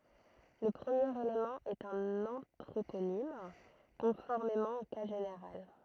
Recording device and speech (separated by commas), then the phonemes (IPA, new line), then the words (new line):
throat microphone, read sentence
lə pʁəmjeʁ elemɑ̃ ɛt œ̃n ɑ̃tʁoponim kɔ̃fɔʁmemɑ̃ o ka ʒeneʁal
Le premier élément est un anthroponyme, conformément au cas général.